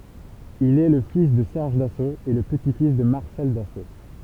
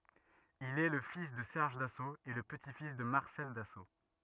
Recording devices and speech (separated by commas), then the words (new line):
temple vibration pickup, rigid in-ear microphone, read sentence
Il est le fils de Serge Dassault et le petit-fils de Marcel Dassault.